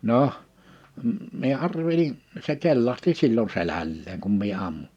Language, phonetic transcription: Finnish, 'noh , mie 'arvelin , se 'kellahti 'sil͕l͕on 'selälleeŋ kum mie 'ammu .
- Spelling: no minä arvelin se kellahti silloin selälleen kun minä ammuin

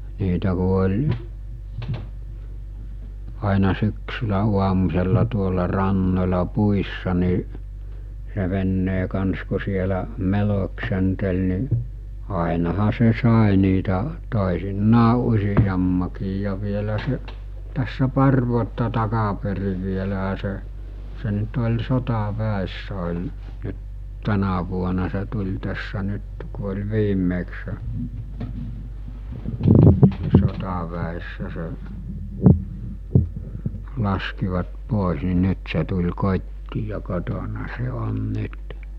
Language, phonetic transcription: Finnish, niitä ku oĺ , aina 'syksylä 'uamus̜ella tuolla 'rannoĺa 'puissa ni , se "vennee kans ku sielä , "meloksentel ni , àenaha se 'sàe niitä , tòesinnaa 'usijammakiij ja vielä se , tässä 'par vuotta takaperi vieläɦä se , se nyt oĺ 'sota'vä̀essᴀ̈ oĺ , nyt , 'tänä vuona se tuĺ tässä 'nyt , ku oĺ 'viim̆meksᴇ , ni 'sotaväessä se , 'laskivat 'pòis ni 'nyt se tul̜ 'kot́tii ja "kotona se "on "nyt .
- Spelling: niitä kun oli aina syksyllä aamusella tuolla rannoilla puissa niin se veneen kanssa kun siellä meloskenteli niin ainahan se sai niitä toisinaan useammankin ja vielä se tässä pari vuotta takaperin vielähän se se nyt oli sotaväessä oli nyt tänä vuonna se tuli tässä nyt kun oli viimeksi niin sotaväessä se laskivat pois niin nyt se tuli kotiin ja kotona se on nyt

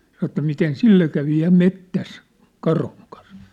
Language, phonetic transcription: Finnish, sanŏ ĕttä miten "sille kävi ja 'mettäs , 'karhuŋ kan̬s .
- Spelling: sanoi että miten sille kävi ja metsässä karhun kanssa

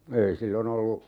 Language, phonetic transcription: Finnish, 'ei 'sillon ‿ollu , .
- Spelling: ei silloin ollut

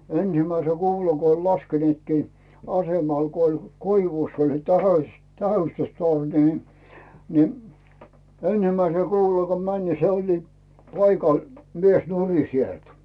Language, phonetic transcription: Finnish, 'ensimäise "kuula ko oĺ 'laskenⁱetkii , 'asemal ko oĺ , 'koi-vùss oĺ se "tasaⁱs- , "tähystystorni ni , ni 'ensimäisel "kuulal ko män ni 'se oĺli , 'paikàl , 'mies "nuri 'sielt .
- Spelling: ensimmäisen kuulan kun oli laskeneetkin asemalla kun oli koivussa oli se - tähystystorni niin niin ensimmäisellä kuulalla kun meni niin se oli paikalla mies nurin sieltä

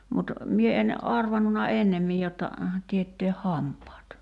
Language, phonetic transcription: Finnish, mut , 'mie en , 'arvannuna "ennemmij jotta , 'tietteeh "hamp̀aat .
- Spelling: mutta minä en arvannut ennemmin jotta teettää hampaat

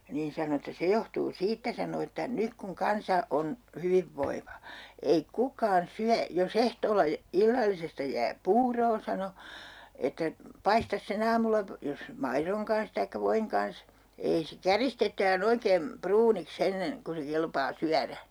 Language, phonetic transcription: Finnish, niin 'sano että » 'se johtuu "siittä » sano » että 'nyk kuŋ 'kansa 'on , 'hyvivvoiva , ei "kukaan 'syä , jo's ‿ehtoolla jä- , 'illallisesta jää "puuroo » sano , » että 'paistas se'n ‿aamulla po- , jos "mairoŋ kans taikka 'voiŋ kans , 'ei se "käristet̆tää'n ‿oikeem 'pruunik's ‿ennen , ku se 'kelpaa "syärä .
- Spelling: niin sanoi että se johtuu siitä sanoi että nyt kun kansa on hyvinvoiva ei kukaan syö jos ehtoolla - illallisesta jää puuroa sanoi että paistaisi sen aamulla - jos maidon kanssa tai voin kanssa ei se käristetään oikein pruuniksi ennen kuin se kelpaa syödä

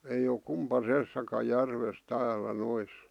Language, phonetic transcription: Finnish, eij ‿o 'kumpasessaka järves 'täälä 'nois .
- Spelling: ei ole kumpaisessakaan järvessä täällä noissa

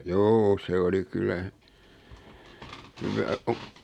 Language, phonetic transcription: Finnish, juu 'se oli 'kylä , hyvää o- ,.
- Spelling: juu se oli kyllä hyvää -

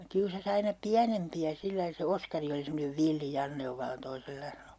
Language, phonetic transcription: Finnish, 'kiusa's ‿aina "piänempi₍ä 'sillai se 'Oskari oli semmonev "villi 'Janne ov vallan 'toisellainen (ollu) .
- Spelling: kiusasi aina pienempiä sillä lailla se Oskari oli semmoinen villi Janne on vallan toisenlainen ollut

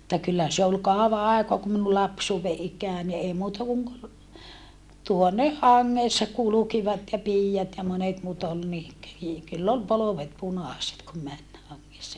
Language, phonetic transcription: Finnish, [mut]ta kyllä se ol kaova àekoa ku minu lapsuuwve ʼik̀ää ni ei muuta kuŋ - - , tuoneh haŋŋèssa kulukivat ja piijat ja monet muut ol ni , kö - i- , kyll ‿ol polovet punàset kum män , haŋŋessa .
- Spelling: mutta kyllä se oli kauan aikaa kun minun lapsuuden ikää niin ei muuta kuin tuonne hangessa kulkivat ja piiat ja monet muut oli niin kuin - kyllä oli polvet punaiset kun meni hangessa

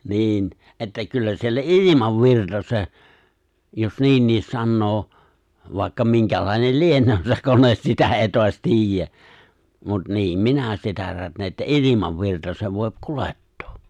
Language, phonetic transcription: Finnish, 'niin , että 'kyllä siellä "’ilimav'virta 'se , jos 'niinniis 'sannoo , vàikka 'miŋkälàinel "lieǹöö se 'kones 'sitä 'èi toas 'ti̬ijjä , mut 'niim "minä sitä 'rätnee ’että "’ilimavvirta se vòip "kulettᴏᴏ .
- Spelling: niin että kyllä siellä ilmavirta se jos niinkin sanoo vaikka minkälainen lienee se kone sitä ei taas tiedä mutta niin minä sitä rätnään että ilmanvirta se voi kuljettaa

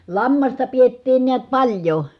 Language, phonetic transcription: Finnish, lammasta piettiin niät paĺjo .
- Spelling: lammasta pidettiin näet paljon

